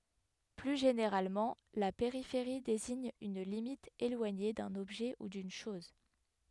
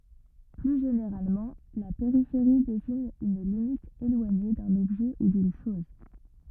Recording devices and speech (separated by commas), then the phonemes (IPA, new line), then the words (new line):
headset microphone, rigid in-ear microphone, read sentence
ply ʒeneʁalmɑ̃ la peʁifeʁi deziɲ yn limit elwaɲe dœ̃n ɔbʒɛ u dyn ʃɔz
Plus généralement, la périphérie désigne une limite éloignée d'un objet ou d'une chose.